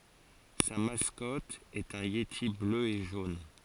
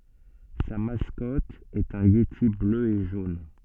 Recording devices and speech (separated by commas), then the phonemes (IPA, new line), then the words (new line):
forehead accelerometer, soft in-ear microphone, read sentence
sa maskɔt ɛt œ̃ jeti blø e ʒon
Sa mascotte est un yéti bleu et jaune.